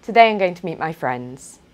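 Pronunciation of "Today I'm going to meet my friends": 'Today I'm going to meet my friends' is said with falling intonation, which makes it sound natural as a complete statement.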